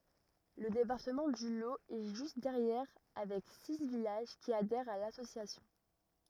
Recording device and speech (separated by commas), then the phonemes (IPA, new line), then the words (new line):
rigid in-ear microphone, read sentence
lə depaʁtəmɑ̃ dy lo ɛ ʒyst dɛʁjɛʁ avɛk si vilaʒ ki adɛʁt a lasosjasjɔ̃
Le département du Lot est juste derrière avec six villages qui adhèrent à l'association.